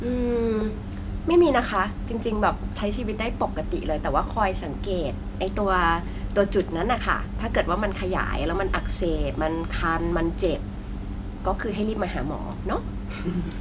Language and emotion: Thai, neutral